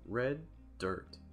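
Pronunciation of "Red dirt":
'Red dirt' is said slowly, with the d sound at the end of 'red' and the start of 'dirt' pronounced only once and held a little longer.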